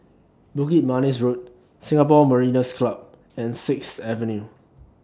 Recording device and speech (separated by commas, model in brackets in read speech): standing microphone (AKG C214), read sentence